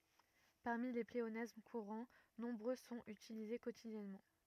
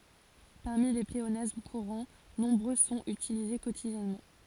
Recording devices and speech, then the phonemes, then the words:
rigid in-ear microphone, forehead accelerometer, read sentence
paʁmi le pleonasm kuʁɑ̃ nɔ̃bʁø sɔ̃t ytilize kotidjɛnmɑ̃
Parmi les pléonasmes courants, nombreux sont utilisés quotidiennement.

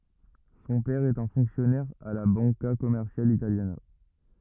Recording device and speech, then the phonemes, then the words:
rigid in-ear microphone, read sentence
sɔ̃ pɛʁ ɛt œ̃ fɔ̃ksjɔnɛʁ a la bɑ̃ka kɔmɛʁsjal italjana
Son père est un fonctionnaire à la Banca Commerciale Italiana.

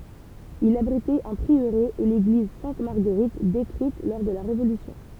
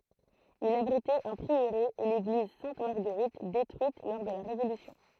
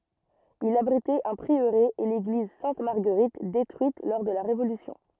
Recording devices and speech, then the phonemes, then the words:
temple vibration pickup, throat microphone, rigid in-ear microphone, read sentence
il abʁitɛt œ̃ pʁiøʁe e leɡliz sɛ̃t maʁɡəʁit detʁyit lɔʁ də la ʁevolysjɔ̃
Il abritait un prieuré et l'église Sainte-Marguerite détruite lors de la Révolution.

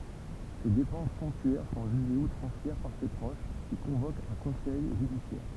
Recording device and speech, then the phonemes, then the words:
temple vibration pickup, read sentence
se depɑ̃s sɔ̃ptyɛʁ sɔ̃ ʒyʒez utʁɑ̃sjɛʁ paʁ se pʁoʃ ki kɔ̃vokt œ̃ kɔ̃sɛj ʒydisjɛʁ
Ses dépenses somptuaires sont jugées outrancières par ses proches, qui convoquent un conseil judiciaire.

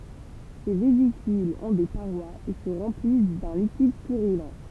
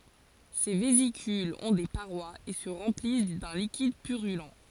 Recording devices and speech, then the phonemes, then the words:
temple vibration pickup, forehead accelerometer, read sentence
se vezikylz ɔ̃ de paʁwaz e sə ʁɑ̃plis dœ̃ likid pyʁylɑ̃
Ces vésicules ont des parois et se remplissent d'un liquide purulent.

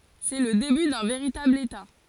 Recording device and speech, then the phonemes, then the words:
forehead accelerometer, read sentence
sɛ lə deby dœ̃ veʁitabl eta
C'est le début d'un véritable État.

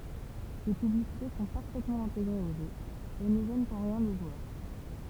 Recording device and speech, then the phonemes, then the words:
temple vibration pickup, read sentence
se pyblisite sɔ̃ paʁfɛtmɑ̃ ɛ̃teɡʁez o ʒø e nə ʒɛnt ɑ̃ ʁjɛ̃ lə ʒwœʁ
Ces publicités sont parfaitement intégrées au jeu, et ne gênent en rien le joueur.

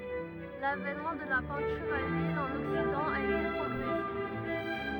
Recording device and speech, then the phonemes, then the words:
rigid in-ear microphone, read sentence
lavɛnmɑ̃ də la pɛ̃tyʁ a lyil ɑ̃n ɔksidɑ̃ a ete pʁɔɡʁɛsif
L'avènement de la peinture à l'huile en Occident a été progressif.

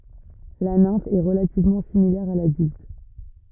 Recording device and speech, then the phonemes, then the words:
rigid in-ear microphone, read sentence
la nɛ̃f ɛ ʁəlativmɑ̃ similɛʁ a ladylt
La nymphe est relativement similaire à l'adulte.

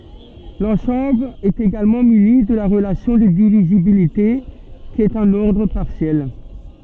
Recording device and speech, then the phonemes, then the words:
soft in-ear microphone, read sentence
lɑ̃sɑ̃bl ɛt eɡalmɑ̃ myni də la ʁəlasjɔ̃ də divizibilite ki ɛt œ̃n ɔʁdʁ paʁsjɛl
L'ensemble est également muni de la relation de divisibilité qui est un ordre partiel.

